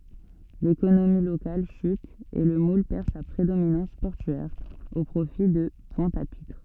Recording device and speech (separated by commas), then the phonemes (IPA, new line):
soft in-ear microphone, read sentence
lekonomi lokal ʃyt e lə mul pɛʁ sa pʁedominɑ̃s pɔʁtyɛʁ o pʁofi də pwɛ̃t a pitʁ